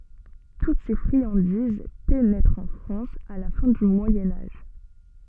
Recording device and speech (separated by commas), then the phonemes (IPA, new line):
soft in-ear microphone, read sentence
tut se fʁiɑ̃diz penɛtʁt ɑ̃ fʁɑ̃s a la fɛ̃ dy mwajɛ̃ aʒ